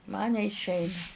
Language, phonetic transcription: Lithuanian, man neišˈeina

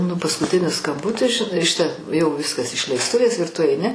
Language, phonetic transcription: Lithuanian, nu paskuˈtinis skamˈbutis žiˈnai ˈšita jau ˈviskas išleisˈtuvės ir tu aiˈni

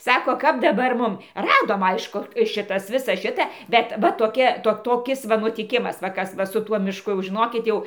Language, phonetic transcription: Lithuanian, ˈsako kap daˈbar ˈmum ˈradom ˈaišku ˈšitas ˈvisa ˈšita ˈbet va toˈkia ˈto toˈkis va nutiˈkimas va ˈkas ˈva su ˈtuo mišˈku jau žiˈnokit ˈjau

